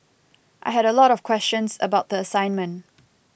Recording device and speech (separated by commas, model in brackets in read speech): boundary microphone (BM630), read sentence